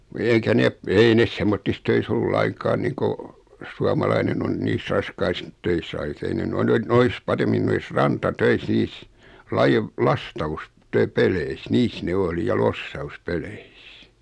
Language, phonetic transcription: Finnish, eikä 'nep , 'ei nes semmottis 'töis ‿ollu "laiŋkaan 'niiŋko , 'suamalainen ‿on 'niis "raskais töis (kaikis) 'ei ne 'noi nen , 'nois "paremmin 'nois "ranta"töis 'nis , lajev , 'lastaus- , 'töpeleis 'niis ne 'oli ja 'lossaus'peleis .
- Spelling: eikä ne ei ne semmoisissa töissä ollut lainkaan niin kuin suomalainen on niissä raskaissa töissä kaikissa ei ne noin en noissa paremmin noissa rantatöissä niissä - - lastauspeleissä niissä ne oli ja lossauspeleissä

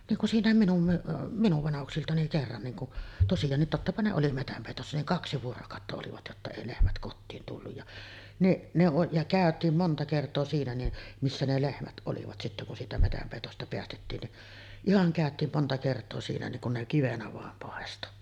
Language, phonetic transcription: Finnish, niiŋ kun 'siiǹä̀em minum m- , 'minuv 'vanahuksilta niŋ "kerran niiŋ ku’ , tosijaannit 'tottapa ne oli 'metämpèitossa niŋ "kaksi 'vuorokàotta olivat jotta 'èi 'lehmät 'kottiin tulluj ja , niˀ , ne oˀ , ja 'kä̀öt̆tiim 'monta kert̆too siinä ni , 'missä ne 'lehmät ˀolivat sittä kun siitä 'metämpèitosta 'peästettiin ni’ , 'ihaŋ kä̀öt̀iim monta kert̀oo siinä niŋ kun ne 'kivenä vàem pàesto .
- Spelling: niin kun siinäkin minun - minun vanhuksilta niin kerran niin kuin tosiaankin tottapa ne oli metsänpeitossa niin kaksi vuorokautta olivat jotta ei lehmät kotiin tullut ja niin ne on ja käytiin monta kertaa siinä niin missä ne lehmät olivat sitten kun siitä metsänpeitosta päästettiin niin ihan käytiin monta kertaa siinä niin kun ne kivenä vain paistoi

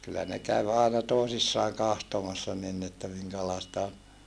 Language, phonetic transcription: Finnish, kyllä ne käv àena tòesissaaŋ kahtomassa nin ni että miŋkälaesta on .
- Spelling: kyllä ne kävi aina toisissaan katsomassa niin niin että minkälaista on

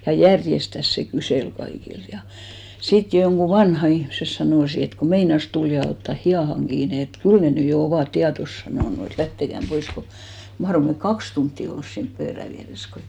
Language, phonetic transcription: Finnish, ja "järjestäs se 'kysèl 'kaikilt ja , 'sit joŋɢu "vanha 'ihmses 'sanòsi et ku 'meinas tul ja otta 'hiʲàhaŋ 'ɢiine et , "kyl ne 'ny jo 'ovàt 'tiatos sanònu et 'lähtekäm 'pois ko , 'mahrom me "kaks tuntti 'ols siinp 'pöörä viäres ko ,.
- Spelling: ja järjestään se kyseli kaikilta ja sitten jotkut vanhat ihmiset sanoi että kun meinasi tuli ja otta hihaan kiinni että kyllä ne nyt jo ovat tietonsa sanonut että lähteköön pois kun mahdoimme me kaksi tuntia olla siinä pöydän vieressä kun

